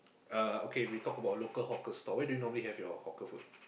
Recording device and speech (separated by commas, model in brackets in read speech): boundary microphone, conversation in the same room